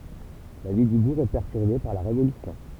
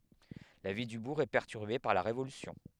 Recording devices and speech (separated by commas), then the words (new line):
temple vibration pickup, headset microphone, read sentence
La vie du bourg est perturbée par la Révolution.